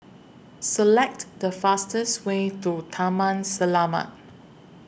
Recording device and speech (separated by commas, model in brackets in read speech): boundary microphone (BM630), read sentence